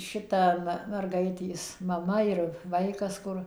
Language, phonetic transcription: Lithuanian, ˈšita va merˈgaitės maˈma ir ˈvaikas ˈkur

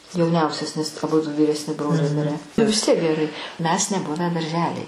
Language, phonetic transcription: Lithuanian, jauˈniausias nes aˈbudu vyresˈni ˈbroliai ˈmirę vis ˈtiek geˈrai ˈmes neˈbuvę darˈželej

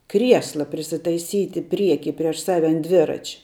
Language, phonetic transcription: Lithuanian, ˈkriesla prisitaiˈsyti ˈprieky ˈprieš ˈsave an ˈdvirač'

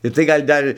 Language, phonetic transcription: Lithuanian, ir tai ˈgal' ˈdar

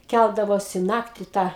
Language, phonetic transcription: Lithuanian, ˈkældavosi ˈnakti ˈtą

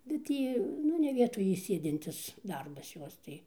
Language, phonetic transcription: Lithuanian, ˈbet tį ˈnu ne ˈvietoj y ˈsėdintis ˈdarbas ˈjos tai

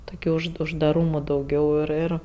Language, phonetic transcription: Lithuanian, ˈtokia už uždaˈrūmo dauˈgiau ˈir ˈir

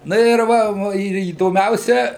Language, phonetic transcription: Lithuanian, ˈna ir ˈva ˈva ir įdoˈmiausia

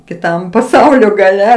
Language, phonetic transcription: Lithuanian, kiˈtam paˈsaulio gaˈle

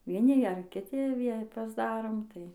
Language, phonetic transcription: Lithuanian, vieˈni ˈgeriam kiˈti ˈvie pasˈdarom ˈtai

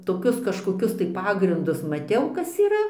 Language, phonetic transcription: Lithuanian, toˈkius kažkoˈkius tai ˈpagrindus maˈtiau ˈkas yˈra

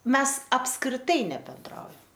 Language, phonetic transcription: Lithuanian, ˈmes apskriˈtai nebenˈdraujam

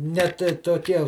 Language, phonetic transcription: Lithuanian, net toˈkie

